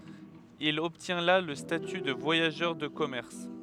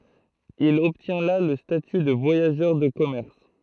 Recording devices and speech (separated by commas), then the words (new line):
headset microphone, throat microphone, read sentence
Il obtient là le statut de voyageur de commerce.